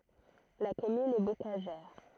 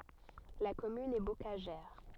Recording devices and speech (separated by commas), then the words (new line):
throat microphone, soft in-ear microphone, read sentence
La commune est bocagère.